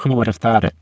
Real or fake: fake